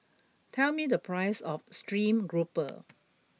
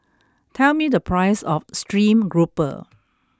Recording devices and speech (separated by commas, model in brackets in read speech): mobile phone (iPhone 6), close-talking microphone (WH20), read sentence